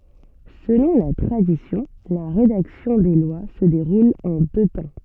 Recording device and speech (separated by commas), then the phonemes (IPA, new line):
soft in-ear microphone, read sentence
səlɔ̃ la tʁadisjɔ̃ la ʁedaksjɔ̃ de lwa sə deʁul ɑ̃ dø tɑ̃